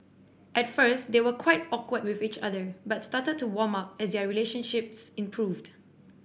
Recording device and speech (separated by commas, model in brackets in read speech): boundary microphone (BM630), read sentence